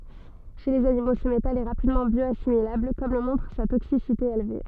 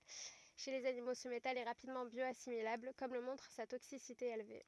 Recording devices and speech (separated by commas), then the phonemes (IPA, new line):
soft in-ear microphone, rigid in-ear microphone, read sentence
ʃe lez animo sə metal ɛ ʁapidmɑ̃ bjɔasimilabl kɔm lə mɔ̃tʁ sa toksisite elve